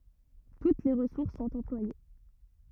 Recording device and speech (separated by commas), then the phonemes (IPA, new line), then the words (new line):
rigid in-ear microphone, read sentence
tut le ʁəsuʁs sɔ̃t ɑ̃plwaje
Toutes les ressources sont employées.